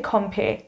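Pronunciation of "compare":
'Compare' is pronounced incorrectly here.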